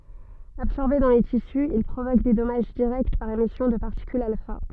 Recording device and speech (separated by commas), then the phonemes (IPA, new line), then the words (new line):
soft in-ear microphone, read sentence
absɔʁbe dɑ̃ le tisy il pʁovok de dɔmaʒ diʁɛkt paʁ emisjɔ̃ də paʁtikylz alfa
Absorbé dans les tissus, il provoque des dommages directs par émission de particules alpha.